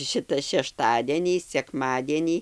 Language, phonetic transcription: Lithuanian, ˈšita šešˈtadienį sekˈmadienį

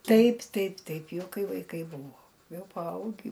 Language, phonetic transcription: Lithuanian, ˈtaip ˈtaip ˈtaip ˈjau ˈkai vaiˈkai ˈbūvo ˈjau paˈaugį

